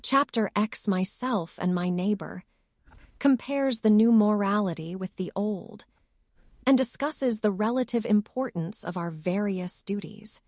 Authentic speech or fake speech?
fake